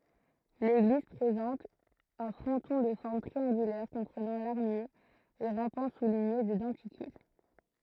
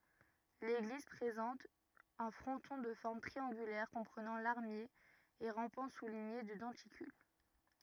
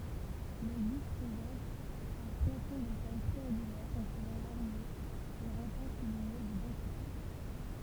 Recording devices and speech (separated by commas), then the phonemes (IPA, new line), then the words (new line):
throat microphone, rigid in-ear microphone, temple vibration pickup, read sentence
leɡliz pʁezɑ̃t œ̃ fʁɔ̃tɔ̃ də fɔʁm tʁiɑ̃ɡylɛʁ kɔ̃pʁənɑ̃ laʁmje e ʁɑ̃pɑ̃ suliɲe də dɑ̃tikyl
L'église présente un fronton de forme triangulaire comprenant larmier et rampants soulignés de denticules.